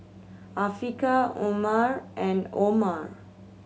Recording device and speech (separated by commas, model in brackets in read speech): mobile phone (Samsung C7100), read sentence